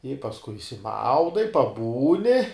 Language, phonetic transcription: Lithuanian, i pasˈkui išsiˈmaudai paˈbūni

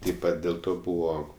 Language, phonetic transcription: Lithuanian, taip ˈpat dėl ˈto ˈbūvo

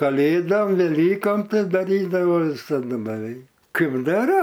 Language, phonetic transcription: Lithuanian, kaˈlėdom veˈlykom ˈtai daˈrydavo visaˈdu beˈveik ˈkaip ˈdara

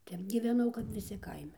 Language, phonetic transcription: Lithuanian, ˈtep gyveˈnau kap viˈsi ˈkaime

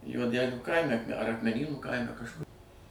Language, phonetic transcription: Lithuanian, juoˈdelių ˈkaime ar akmeˈnynų ˈkaime kažˈkur

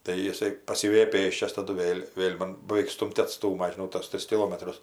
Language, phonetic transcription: Lithuanian, tai jiˈsai paˈsiveja ˈpėsčias ˈtadu ˈvėl' ˈvėl' man baveik ˈstūm't' atˈstūma žiˈnau tos ˈtris kiˈlomatrus

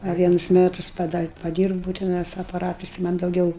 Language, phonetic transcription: Lithuanian, a ˈvienus ˈmetus pada paˈdyrbūu teˈnai su apaˈratais i ˈman' dauˈgiau

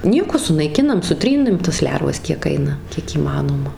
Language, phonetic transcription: Lithuanian, ˈnieko sunaiˈkinam suˈtrynɨm tas ˈlervas kiek ˈaina kiek įˈmanoma

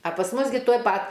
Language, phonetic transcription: Lithuanian, a pas ˈmus gi tuoj ˈpat

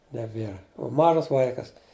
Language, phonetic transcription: Lithuanian, neˈbėra u ˈmažas ˈvaikas

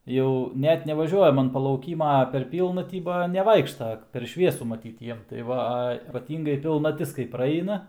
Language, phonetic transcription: Lithuanian, ˈjau ˈnet nevaˈžiuojam an palauˈkyma ˈper ˈpylnatį ˈba neˈvaikšta per ˈšviesu maˈtyt ˈjiem tai ˈva ˈa ypaˈtyngai pilnaˈtis kai praˈeina

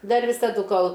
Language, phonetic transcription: Lithuanian, ˈdar visaˈdu ˈkol

